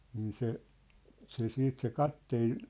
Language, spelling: Finnish, niin se se sitten se kapteeni
- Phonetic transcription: 'niin se , se 'siit se "katteen ,.

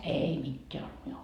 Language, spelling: Finnish, ei mitään ollut minulla
- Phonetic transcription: 'ei 'mitteä olt 'miul .

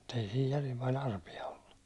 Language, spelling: Finnish, mutta ei siinä järin paljon arpia ollut
- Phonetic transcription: muttei siij järim pa'l ‿arpi₍a ollu .

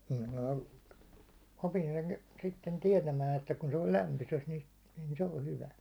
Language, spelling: Finnish, niin minä opin sen sitten tietämään että kun se on lämpöisessä - niin se on hyvä
- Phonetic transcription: (nim minä) 'opin sen , sitten 'tiɛtämään että kun se on̬ 'lämpyses ni- , nin se 'o 'hyvä .

